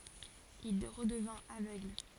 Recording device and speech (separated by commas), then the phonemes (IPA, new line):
forehead accelerometer, read sentence
il ʁədəvɛ̃t avøɡl